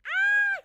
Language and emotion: Thai, happy